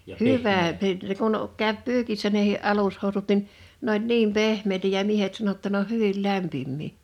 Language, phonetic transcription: Finnish, hyvä pyyt- ne kun , kä̀ö̭p "pyykissä nehi '’alushòu̬sut nin , 'n ‿oĺ "niim 'pehm̀èitä ja 'miehet sano ‿tta ne ‿oh̆ "hyvil "lämpimmii .
- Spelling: hyvä - ne kun käy pyykissä nekin alushousut niin ne oli niin pehmeitä ja miehet sanoi jotta ne on hyvin lämpimiä

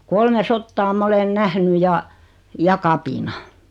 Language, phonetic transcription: Finnish, 'kolme 'sottaa 'ma olen "nähny ja , 'ja "kapina .
- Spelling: kolme sotaa minä olen nähnyt ja ja kapinan

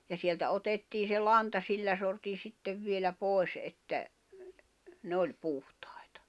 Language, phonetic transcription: Finnish, ja sieltä 'otettii se "lanta 'sillä sortin̬ 'sittev vielä 'pòi̬s ’että , 'ne oĺ 'puhtᴀ̀ɪtᴀ .
- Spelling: ja sieltä otettiin se lanta sillä sortin sitten vielä pois että ne oli puhtaita

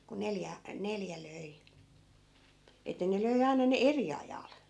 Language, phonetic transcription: Finnish, ku 'neljä , 'neljä 'löi , et̆tä ne 'löi 'ai̮na ne "eri ajal .
- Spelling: kun neljä neljä löi että ne löi aina ne eri ajalla

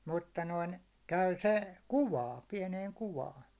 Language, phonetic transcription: Finnish, 'mutta 'noin , 'käy 'se , "kuwaan̬ , 'piɛneeŋ 'kuwaan .
- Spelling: mutta noin käy se kuvaan pieneen kuvaan

